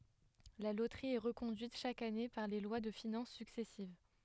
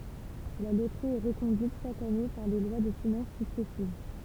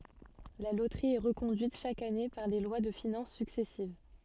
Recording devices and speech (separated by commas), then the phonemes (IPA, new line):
headset microphone, temple vibration pickup, soft in-ear microphone, read sentence
la lotʁi ɛ ʁəkɔ̃dyit ʃak ane paʁ le lwa də finɑ̃s syksɛsiv